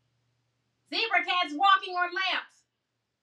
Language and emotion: English, surprised